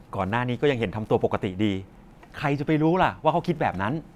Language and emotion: Thai, frustrated